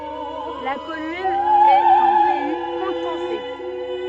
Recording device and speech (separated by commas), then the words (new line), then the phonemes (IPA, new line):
soft in-ear microphone, read sentence
La commune est en pays coutançais.
la kɔmyn ɛt ɑ̃ pɛi kutɑ̃sɛ